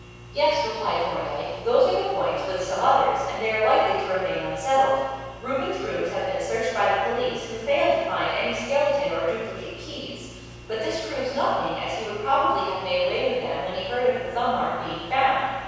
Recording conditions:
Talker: one person; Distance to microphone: 7.1 m; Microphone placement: far; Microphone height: 1.7 m; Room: very reverberant, large; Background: none

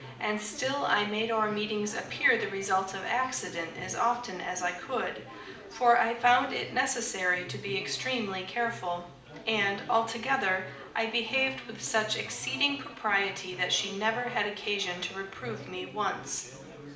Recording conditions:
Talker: one person; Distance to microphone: 2.0 m; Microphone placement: close; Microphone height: 99 cm; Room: medium-sized (5.7 m by 4.0 m); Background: babble

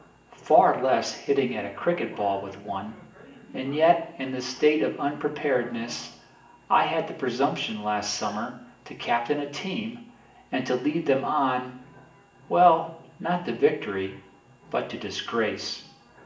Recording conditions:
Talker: one person; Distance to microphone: 1.8 m; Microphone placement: close; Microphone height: 1.0 m; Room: large; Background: television

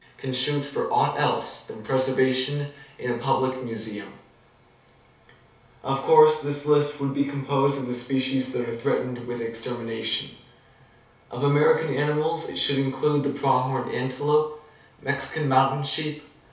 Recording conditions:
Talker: one person; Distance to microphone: 3.0 m; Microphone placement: far; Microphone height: 1.8 m; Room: small (3.7 m by 2.7 m); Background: none

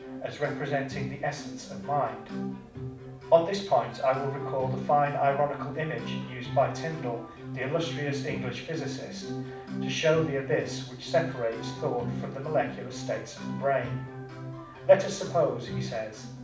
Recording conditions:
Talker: one person; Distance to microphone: 5.8 m; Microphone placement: far; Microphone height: 1.8 m; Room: medium-sized (5.7 m by 4.0 m); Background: music

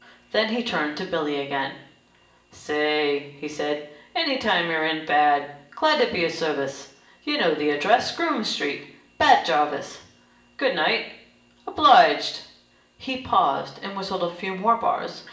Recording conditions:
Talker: one person; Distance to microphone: 1.8 m; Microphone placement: close; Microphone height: 1.0 m; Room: large; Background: none

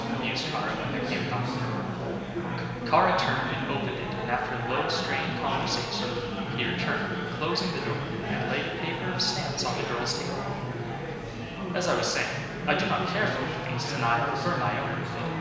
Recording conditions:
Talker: one person; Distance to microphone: 1.7 m; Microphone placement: close; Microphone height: 1.0 m; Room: very reverberant, large; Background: babble

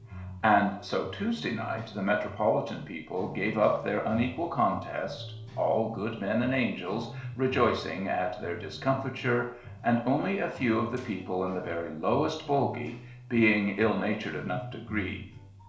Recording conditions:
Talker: one person; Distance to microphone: 1.0 m; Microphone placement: close; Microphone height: 1.1 m; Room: small (3.7 m by 2.7 m); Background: music

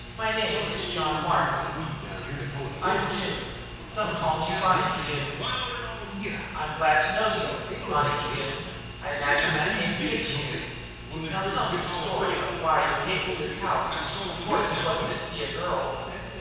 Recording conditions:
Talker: one person; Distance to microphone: 7.1 m; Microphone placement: far; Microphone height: 1.7 m; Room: very reverberant, large; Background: television

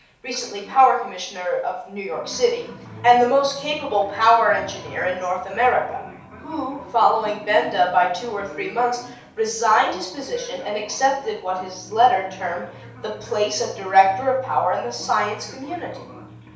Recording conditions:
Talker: one person; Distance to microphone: 3.0 m; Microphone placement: far; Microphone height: 1.8 m; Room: small (3.7 m by 2.7 m); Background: television

